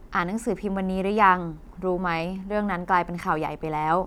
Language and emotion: Thai, frustrated